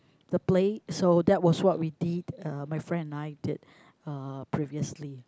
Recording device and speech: close-talking microphone, conversation in the same room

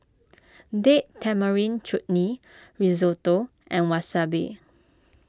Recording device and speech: close-talking microphone (WH20), read sentence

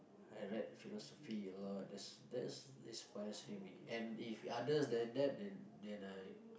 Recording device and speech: boundary microphone, conversation in the same room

